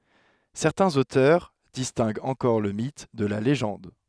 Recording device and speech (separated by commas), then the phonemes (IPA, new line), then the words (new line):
headset microphone, read sentence
sɛʁtɛ̃z otœʁ distɛ̃ɡt ɑ̃kɔʁ lə mit də la leʒɑ̃d
Certains auteurs distinguent encore le mythe de la légende.